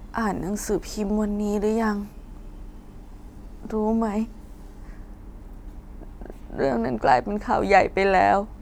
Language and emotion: Thai, sad